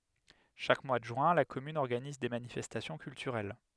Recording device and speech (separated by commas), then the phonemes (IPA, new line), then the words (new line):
headset microphone, read sentence
ʃak mwa də ʒyɛ̃ la kɔmyn ɔʁɡaniz de manifɛstasjɔ̃ kyltyʁɛl
Chaque mois de juin, la commune organise des manifestations culturelles.